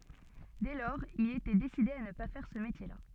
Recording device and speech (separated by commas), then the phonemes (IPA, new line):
soft in-ear microphone, read sentence
dɛ lɔʁz il etɛ deside a nə pa fɛʁ sə metjɛʁla